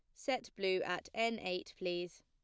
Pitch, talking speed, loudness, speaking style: 185 Hz, 175 wpm, -39 LUFS, plain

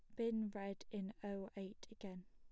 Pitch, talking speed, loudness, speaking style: 200 Hz, 175 wpm, -47 LUFS, plain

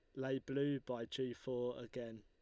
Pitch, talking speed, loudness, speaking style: 125 Hz, 180 wpm, -42 LUFS, Lombard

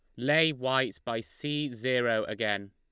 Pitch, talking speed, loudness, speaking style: 125 Hz, 145 wpm, -29 LUFS, Lombard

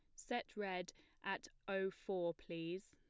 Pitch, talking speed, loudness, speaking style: 190 Hz, 135 wpm, -45 LUFS, plain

